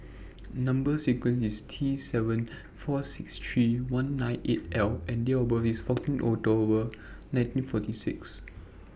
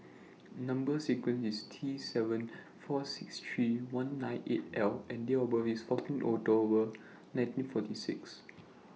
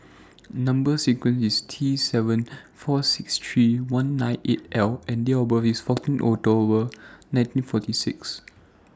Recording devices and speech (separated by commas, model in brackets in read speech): boundary microphone (BM630), mobile phone (iPhone 6), standing microphone (AKG C214), read sentence